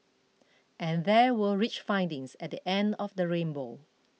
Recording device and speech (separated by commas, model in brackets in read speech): mobile phone (iPhone 6), read sentence